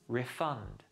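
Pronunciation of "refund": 'Refund' is pronounced as the verb, not the noun, with the stress on the second part of the word.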